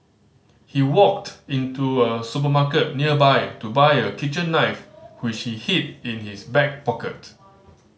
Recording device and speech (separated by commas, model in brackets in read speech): mobile phone (Samsung C5010), read sentence